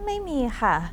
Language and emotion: Thai, neutral